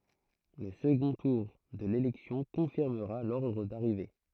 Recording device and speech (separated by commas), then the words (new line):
throat microphone, read sentence
Le second tour de l'élection confirmera l'ordre d'arrivée.